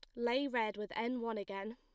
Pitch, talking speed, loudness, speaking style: 230 Hz, 235 wpm, -38 LUFS, plain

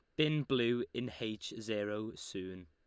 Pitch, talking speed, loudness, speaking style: 110 Hz, 145 wpm, -37 LUFS, Lombard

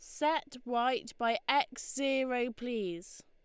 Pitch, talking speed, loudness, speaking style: 250 Hz, 120 wpm, -33 LUFS, Lombard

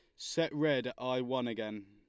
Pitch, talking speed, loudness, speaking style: 125 Hz, 215 wpm, -35 LUFS, Lombard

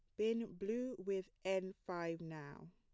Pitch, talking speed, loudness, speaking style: 190 Hz, 140 wpm, -43 LUFS, plain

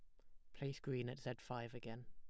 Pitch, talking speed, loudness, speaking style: 125 Hz, 240 wpm, -48 LUFS, plain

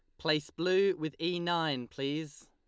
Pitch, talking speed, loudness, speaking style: 160 Hz, 160 wpm, -32 LUFS, Lombard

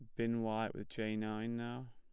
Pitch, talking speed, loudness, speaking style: 110 Hz, 210 wpm, -40 LUFS, plain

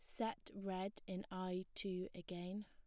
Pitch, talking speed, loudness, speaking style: 185 Hz, 150 wpm, -46 LUFS, plain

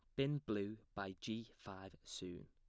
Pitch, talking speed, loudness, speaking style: 100 Hz, 160 wpm, -46 LUFS, plain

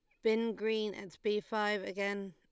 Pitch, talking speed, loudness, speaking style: 210 Hz, 175 wpm, -35 LUFS, Lombard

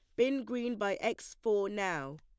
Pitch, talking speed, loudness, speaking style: 210 Hz, 180 wpm, -34 LUFS, plain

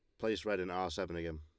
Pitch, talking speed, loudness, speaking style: 90 Hz, 305 wpm, -38 LUFS, Lombard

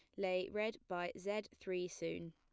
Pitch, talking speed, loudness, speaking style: 185 Hz, 170 wpm, -42 LUFS, plain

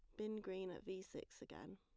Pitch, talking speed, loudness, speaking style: 190 Hz, 230 wpm, -50 LUFS, plain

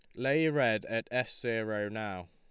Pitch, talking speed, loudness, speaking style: 110 Hz, 170 wpm, -32 LUFS, Lombard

